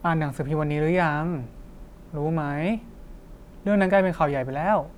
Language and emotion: Thai, neutral